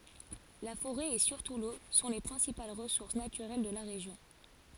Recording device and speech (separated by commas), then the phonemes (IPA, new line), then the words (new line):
forehead accelerometer, read sentence
la foʁɛ e syʁtu lo sɔ̃ le pʁɛ̃sipal ʁəsuʁs natyʁɛl də la ʁeʒjɔ̃
La forêt, et surtout l’eau, sont les principales ressources naturelles de la région.